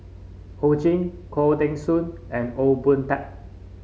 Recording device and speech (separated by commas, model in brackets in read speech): mobile phone (Samsung C5), read sentence